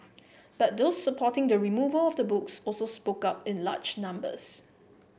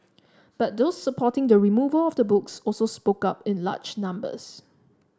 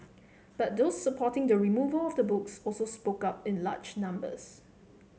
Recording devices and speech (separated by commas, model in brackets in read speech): boundary microphone (BM630), standing microphone (AKG C214), mobile phone (Samsung C7), read sentence